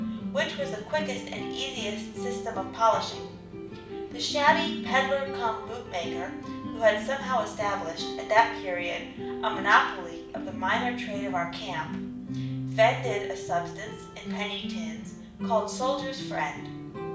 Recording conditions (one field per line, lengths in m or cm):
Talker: one person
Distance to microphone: 5.8 m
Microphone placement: far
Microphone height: 1.8 m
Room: medium-sized (5.7 m by 4.0 m)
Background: music